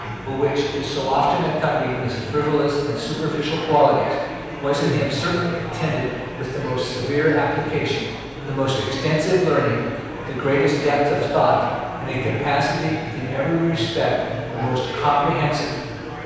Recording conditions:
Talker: one person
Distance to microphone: 7.1 m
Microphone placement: far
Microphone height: 1.7 m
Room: very reverberant, large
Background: babble

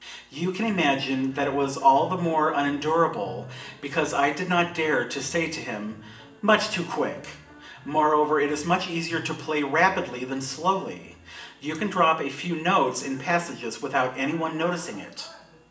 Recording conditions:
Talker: one person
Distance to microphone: 1.8 m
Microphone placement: close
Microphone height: 1.0 m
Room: large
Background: television

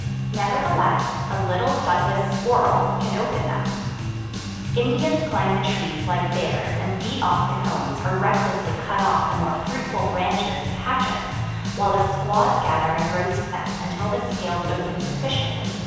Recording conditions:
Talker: one person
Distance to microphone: 7.1 m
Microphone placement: far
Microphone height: 1.7 m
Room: very reverberant, large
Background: music

